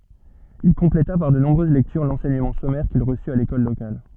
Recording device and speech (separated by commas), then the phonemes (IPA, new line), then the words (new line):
soft in-ear microphone, read sentence
il kɔ̃pleta paʁ də nɔ̃bʁøz lɛktyʁ lɑ̃sɛɲəmɑ̃ sɔmɛʁ kil ʁəsy a lekɔl lokal
Il compléta par de nombreuses lectures l'enseignement sommaire qu'il reçut à l'école locale.